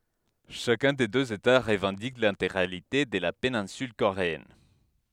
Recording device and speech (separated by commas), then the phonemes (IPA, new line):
headset microphone, read sentence
ʃakœ̃ de døz eta ʁəvɑ̃dik lɛ̃teɡʁalite də la penɛ̃syl koʁeɛn